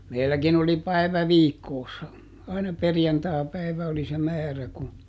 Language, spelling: Finnish, meilläkin oli päivä viikossa aina perjantaipäivä oli se määrä kun
- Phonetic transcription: ˈmeilläkin ‿oli ˈpäi̮vä "viikkoossa , aina "perjantaapäivä oli se "määrä ku ,.

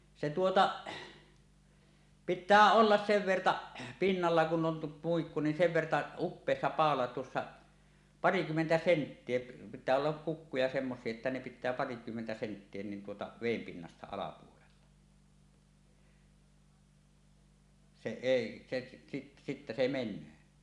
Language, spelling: Finnish, se tuota pitää olla sen verta pinnalla kun on muikku niin sen verta upoksissa paula tuossa parikymmentä senttiä pitää olla kukkuja semmoisia että ne pitää parikymmentä senttiä niin tuota veden pinnasta alapuolella se ei se sitten - sitten se menee
- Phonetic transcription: 'se 'tuota , "pit̆tää ollas 'sev 'vertaˀ , 'pinnalla kun 'om 'muikku nin "sev "verta , 'uppèissa "pàola tuossa , "parikymmentä 'senttie , pit̆tää ollak 'kukkuja semmos̀ie että ne pit̆tää parikymmentä senttie nin 'tuota 'vèim 'pinnasta alapuolella , se 'èi , se si - sittä se men̆nöö .

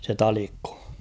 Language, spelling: Finnish, se Talikko
- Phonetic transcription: se "Talikkᴏ ?

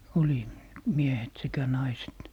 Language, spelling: Finnish, oli miehet sekä naiset
- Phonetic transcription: 'oli , 'miehet sekä 'naiset .

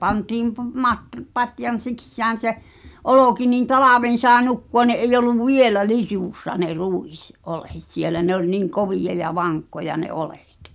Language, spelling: Finnish, pantiin - - patjan sisään se olki niin talven sai nukkua niin ei ollut vielä litussa ne - ruisoljet siellä ne oli niin kovia ja vakkoja ne oljet
- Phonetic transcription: 'pantiim pu- matr- , 'patjan̬ "sikssään̬ se , "olòki nin "talàven sàe nukku₍a ni’ ’eij̆'j ‿ol̆luv "vielä 'litùssa ne "rùis- , -'’ole(t) sielä ne ‿ol niŋ "kovìja ja 'vaŋkkoja ne "olᴇ̀t .

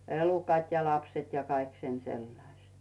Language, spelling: Finnish, elukat ja lapset ja kaikki sen sellaiset
- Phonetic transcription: 'elukat ja 'lapset ja 'kaik sen 'sellaⁱśt .

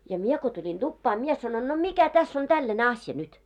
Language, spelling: Finnish, ja minä kun tulin tupaan minä sanoin no mikä tässä on tällainen asia nyt
- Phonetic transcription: ja "mie ko tuĺin 'ᴅuppaa 'mie sanon » no "mikä täss ‿on "tälläne 'asja nyt ? «

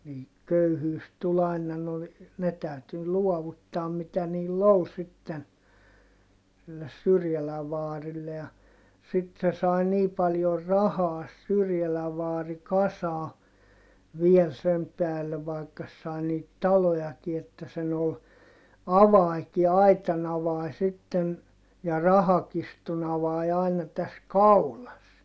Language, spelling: Finnish, niin köyhyys tuli aina no ne täytyi luovuttaa mitä niillä oli sitten sille Syrjälän vaarille ja sitten se sai niin paljon rahaa se Syrjälän vaari kasaan vielä sen päälle vaikka se sai niitä talojakin että sen oli avanenkin aitan avanen sitten ja rahakirstun avain aina tässä kaulassa
- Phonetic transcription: nii , köyhyys tul ‿àina no , ne tä̀yty luɔvuttaam mitä niill ‿ol sitten , silles Syrjäläv vaarille ja , sit se sai nii paljor rahaa sᵉ Syrjäläv vaari kasaa , viel sem päälle vai̮kka sᵉ sai niit talojaki että sen ‿ol , avaiki aitan ‿avai sitten , ja rahakistun ‿avai aina täs kaulas .

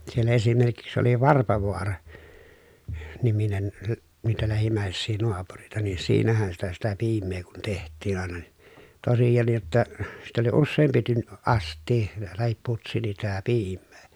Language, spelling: Finnish, siellä esimerkiksi oli Varpovaara niminen - niitä lähimmäisiä naapureita niin siinähän sitä sitä piimää kun tehtiin aina niin tosiaankin jotta sitä oli useampi - astia tai putsi sitä piimää
- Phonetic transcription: siel esimerkiks oli Varpavoara , -niminen , lä- , niitä lähim̀ä̀essii noapurᵉita nii siinähän sitä sitä piim̀ee kun teht̆tiin ‿àena ni , tosijannij jotta , sit ‿oli usseempi tyn- , ast̆tii , tahip putsi (s)itä piimmee .

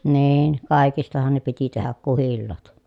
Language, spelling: Finnish, niin kaikistahan ne piti tehdä kuhilaat
- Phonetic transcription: niin , kài̮kistahan ne piti tehäk kuhillaat .

